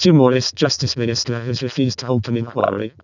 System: VC, vocoder